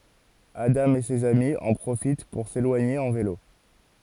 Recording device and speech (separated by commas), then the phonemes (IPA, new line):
forehead accelerometer, read sentence
adɑ̃ e sez ami ɑ̃ pʁofit puʁ selwaɲe ɑ̃ velo